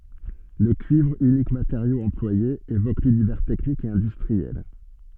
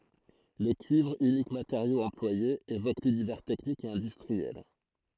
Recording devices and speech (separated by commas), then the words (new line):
soft in-ear microphone, throat microphone, read sentence
Le cuivre, unique matériau employé, évoque l'univers technique et industriel.